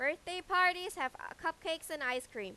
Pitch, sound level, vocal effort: 320 Hz, 96 dB SPL, very loud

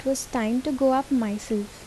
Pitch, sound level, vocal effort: 255 Hz, 77 dB SPL, soft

